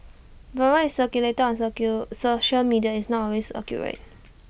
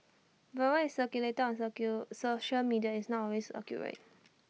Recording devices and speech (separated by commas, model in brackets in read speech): boundary microphone (BM630), mobile phone (iPhone 6), read sentence